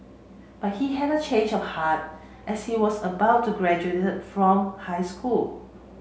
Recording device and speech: mobile phone (Samsung C7), read sentence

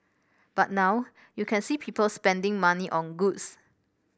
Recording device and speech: boundary microphone (BM630), read sentence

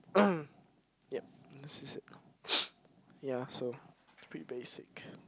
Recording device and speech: close-talking microphone, conversation in the same room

